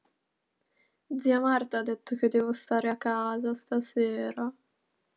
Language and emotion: Italian, sad